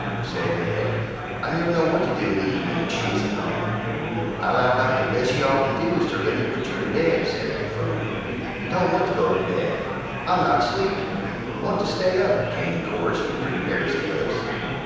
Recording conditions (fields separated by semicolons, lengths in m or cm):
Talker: one person; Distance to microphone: 7.1 m; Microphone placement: far; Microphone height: 1.7 m; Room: very reverberant, large; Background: babble